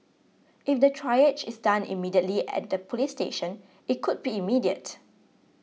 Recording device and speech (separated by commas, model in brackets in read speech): mobile phone (iPhone 6), read sentence